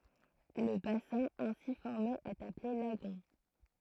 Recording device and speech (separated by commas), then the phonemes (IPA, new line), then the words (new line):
throat microphone, read sentence
lə basɛ̃ ɛ̃si fɔʁme ɛt aple laɡɔ̃
Le bassin ainsi formé est appelé lagon.